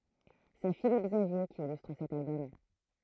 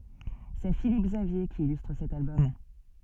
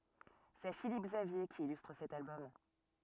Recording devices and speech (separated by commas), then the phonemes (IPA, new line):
throat microphone, soft in-ear microphone, rigid in-ear microphone, read sentence
sɛ filip ɡzavje ki ilystʁ sɛt albɔm